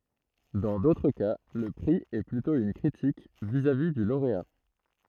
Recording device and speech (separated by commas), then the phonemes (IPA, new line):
throat microphone, read sentence
dɑ̃ dotʁ ka lə pʁi ɛ plytɔ̃ yn kʁitik vizavi dy loʁea